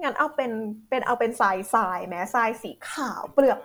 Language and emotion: Thai, happy